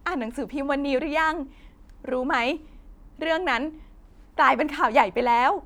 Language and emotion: Thai, happy